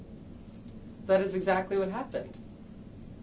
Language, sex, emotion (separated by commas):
English, male, neutral